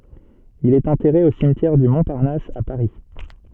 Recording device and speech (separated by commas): soft in-ear microphone, read sentence